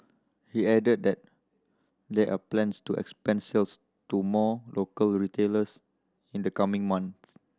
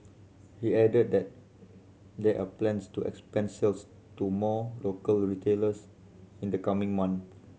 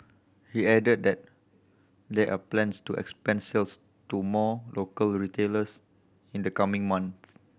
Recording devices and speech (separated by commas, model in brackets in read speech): standing microphone (AKG C214), mobile phone (Samsung C7100), boundary microphone (BM630), read sentence